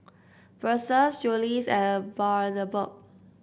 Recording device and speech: boundary microphone (BM630), read sentence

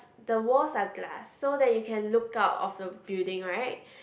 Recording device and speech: boundary microphone, conversation in the same room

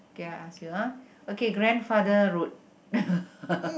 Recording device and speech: boundary microphone, conversation in the same room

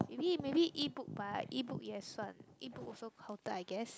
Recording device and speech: close-talking microphone, conversation in the same room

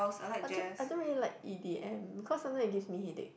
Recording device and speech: boundary microphone, conversation in the same room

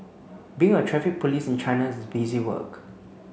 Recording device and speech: mobile phone (Samsung C9), read sentence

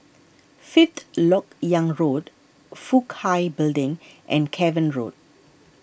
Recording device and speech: boundary microphone (BM630), read sentence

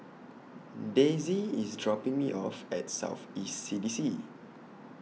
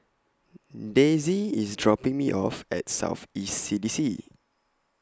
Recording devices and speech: mobile phone (iPhone 6), close-talking microphone (WH20), read sentence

